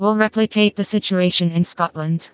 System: TTS, vocoder